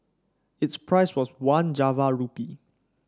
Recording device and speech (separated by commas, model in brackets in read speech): standing microphone (AKG C214), read sentence